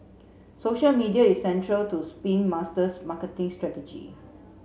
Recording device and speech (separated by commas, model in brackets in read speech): mobile phone (Samsung C7), read sentence